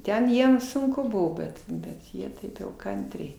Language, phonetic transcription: Lithuanian, ˈten ˈjiem sunˈku ˈbuvo ˈbet bet ˈjie ˈtaip jau ˈkantriai

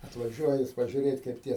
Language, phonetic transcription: Lithuanian, atvaˈžiuoja jis pažiuˈrėt' kaip ˈtie

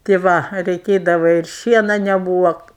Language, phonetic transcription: Lithuanian, tė ˈva reiˈkėdava ir ˈšiena neˈbūva

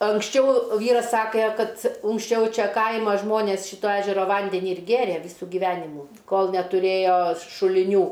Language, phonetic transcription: Lithuanian, anksˈčiau ˈvyras ˈsakė ˈkad unksˈčiau ˈčia ˈkaima ˈžmonės ˈšyto ˈežero ˈvandeni ir ˈgėrė ˈvysu gyˈvenimų ˈkol netuˈrėjo šuliˈnių

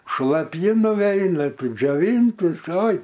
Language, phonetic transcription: Lithuanian, šlaˈpji nuˈveina tu džioˈvyntis ˈoi

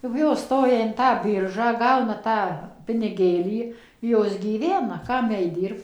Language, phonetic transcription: Lithuanian, kap ˈjos ˈstoja in ˈtą ˈbyržą ˈgauna ˈtą piniˈgėlį ˈjos gyˈvena ˈkam ˈjai ˈdyrbt

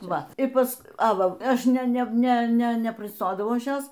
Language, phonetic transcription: Lithuanian, ˈva i ˈpas a ˈva ˈaš ˈne ˈne ˈne ne neprisˈtodavau ˈaš ˈjos

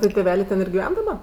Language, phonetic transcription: Lithuanian, ˈtɜ tėˈvelė ˈten ir giˈven daˈba

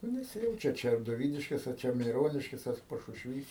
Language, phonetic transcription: Lithuanian, nu neˈsijaučia ar ˈčia doˈvydiškės ar ˈčia meiˈroniškės ar pašušˈvys

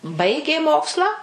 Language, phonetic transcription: Lithuanian, ˈbaigė ˈmokslą

